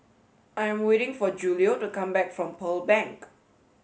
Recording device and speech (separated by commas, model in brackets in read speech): mobile phone (Samsung S8), read sentence